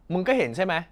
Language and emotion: Thai, angry